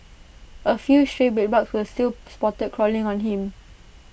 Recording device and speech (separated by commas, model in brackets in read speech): boundary microphone (BM630), read sentence